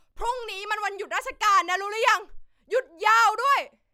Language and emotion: Thai, angry